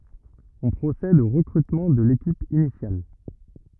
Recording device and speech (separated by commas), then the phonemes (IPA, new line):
rigid in-ear microphone, read sentence
ɔ̃ pʁosɛd o ʁəkʁytmɑ̃ də lekip inisjal